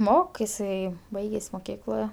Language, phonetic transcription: Lithuanian, ˈmok iˈsai ˈbaigės' moˈkyklo

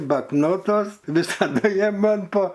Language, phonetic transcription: Lithuanian, bakˈnotos visaˈda ˈjie ˈman po

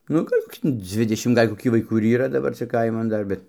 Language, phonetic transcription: Lithuanian, nu ˈgal' koˈki ˈdzvidešim ˈgal' koˈkį vaiˈkų ir ˈyra daˈbar cia ˈkaiman ˈdar ˈbet

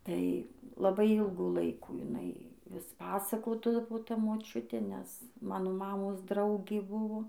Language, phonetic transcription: Lithuanian, ˈtai laˈbai ˈylgų ˈlaikų jiˈnai vis ˈpasakodavo ˈta moˈčiutė nes ˈmano ˈmamos ˈdraugė ˈbuvo

